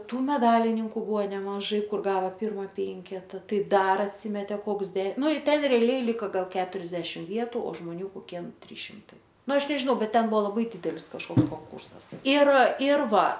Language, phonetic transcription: Lithuanian, ˈtų meˈdalininku ˈbuvo nemaˈžai ˈkur ˈgava ˈpirma ˈpenketa ˈtai ˈdar atˈsymetė ˈkoks de ˈnu i ˈten reaˈliai ˈlika ˈgal ˈketuriasdešim ˈvietu o žmoˈnių koˈkie ˈtrys šimˈtai ˈnu ˈaš nežiˈnau ˈbet ˈten ˈbuvo laˈbai ˈdydelis kažˈkoks konˈkūrsas ir ir ˈva

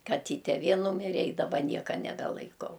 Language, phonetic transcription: Lithuanian, kaˈtyte ˈvė ˈnūmire i daˈba ˈnieka nebelaiˈkau

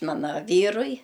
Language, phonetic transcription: Lithuanian, ˈmana ˈvyrui

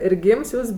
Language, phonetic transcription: Lithuanian, ir ˈgyms ˈjūs

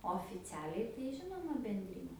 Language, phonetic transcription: Lithuanian, ofiˈcialiai tai ˈžinoma benˈdryne

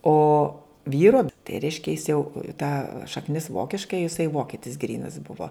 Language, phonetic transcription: Lithuanian, ˈo ˈvyro tai ˈreiškia jis jau ta šakˈnis ˈvokiška jiˈsai ˈvokitis ˈgrynas ˈbuvo

